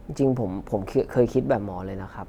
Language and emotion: Thai, frustrated